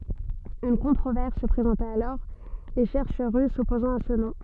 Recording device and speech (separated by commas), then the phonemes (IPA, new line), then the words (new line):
soft in-ear microphone, read sentence
yn kɔ̃tʁovɛʁs sə pʁezɑ̃ta alɔʁ le ʃɛʁʃœʁ ʁys sɔpozɑ̃t a sə nɔ̃
Une controverse se présenta alors, les chercheurs russes s'opposant à ce nom.